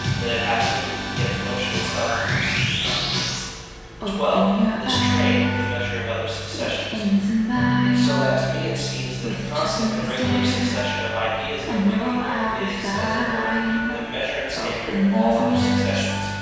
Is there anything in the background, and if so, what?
Music.